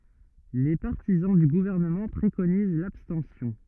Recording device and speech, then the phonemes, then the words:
rigid in-ear microphone, read sentence
le paʁtizɑ̃ dy ɡuvɛʁnəmɑ̃ pʁekoniz labstɑ̃sjɔ̃
Les partisans du gouvernement préconisent l'abstention.

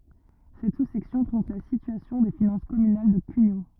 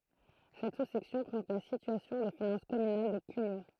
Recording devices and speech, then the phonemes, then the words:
rigid in-ear microphone, throat microphone, read sentence
sɛt susɛksjɔ̃ pʁezɑ̃t la sityasjɔ̃ de finɑ̃s kɔmynal də kyɲo
Cette sous-section présente la situation des finances communales de Cugnaux.

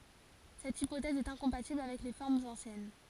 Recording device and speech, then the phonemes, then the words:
forehead accelerometer, read sentence
sɛt ipotɛz ɛt ɛ̃kɔ̃patibl avɛk le fɔʁmz ɑ̃sjɛn
Cette hypothèse est incompatible avec les formes anciennes.

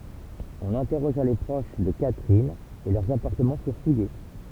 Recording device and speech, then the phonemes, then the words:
temple vibration pickup, read sentence
ɔ̃n ɛ̃tɛʁoʒa le pʁoʃ də katʁin e lœʁz apaʁtəmɑ̃ fyʁ fuje
On interrogea les proches de Catherine, et leurs appartements furent fouillés.

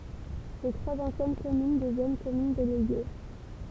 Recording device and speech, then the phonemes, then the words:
temple vibration pickup, read sentence
le tʁwaz ɑ̃sjɛn kɔmyn dəvjɛn kɔmyn deleɡe
Les trois anciennes communes deviennent communes déléguées.

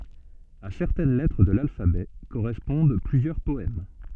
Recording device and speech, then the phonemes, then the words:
soft in-ear microphone, read sentence
a sɛʁtɛn lɛtʁ də lalfabɛ koʁɛspɔ̃d plyzjœʁ pɔɛm
À certaines lettres de l'alphabet correspondent plusieurs poèmes.

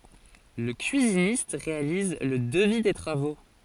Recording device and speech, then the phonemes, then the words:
forehead accelerometer, read sentence
lə kyizinist ʁealiz lə dəvi de tʁavo
Le cuisiniste réalise le devis des travaux.

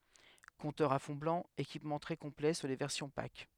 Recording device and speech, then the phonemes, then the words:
headset microphone, read sentence
kɔ̃tœʁz a fɔ̃ blɑ̃ ekipmɑ̃ tʁɛ kɔ̃plɛ syʁ le vɛʁsjɔ̃ pak
Compteurs à fond blanc, équipement très complet sur les versions Pack.

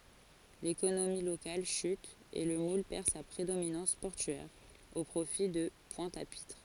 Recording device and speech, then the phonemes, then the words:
forehead accelerometer, read sentence
lekonomi lokal ʃyt e lə mul pɛʁ sa pʁedominɑ̃s pɔʁtyɛʁ o pʁofi də pwɛ̃t a pitʁ
L'économie locale chute et Le Moule perd sa prédominance portuaire, au profit de Pointe-à-Pitre.

